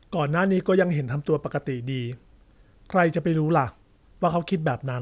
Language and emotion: Thai, neutral